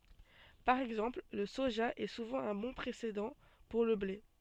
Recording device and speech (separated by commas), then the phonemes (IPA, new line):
soft in-ear microphone, read sentence
paʁ ɛɡzɑ̃pl lə soʒa ɛ suvɑ̃ œ̃ bɔ̃ pʁesedɑ̃ puʁ lə ble